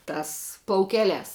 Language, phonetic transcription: Lithuanian, ˈtās plauˈkeˌliās

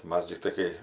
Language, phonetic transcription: Lithuanian, ˈmas tikˈtai kai

